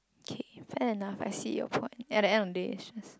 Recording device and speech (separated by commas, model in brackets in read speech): close-talking microphone, conversation in the same room